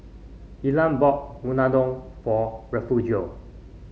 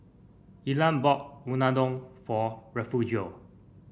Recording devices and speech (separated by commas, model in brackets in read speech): mobile phone (Samsung C5), boundary microphone (BM630), read sentence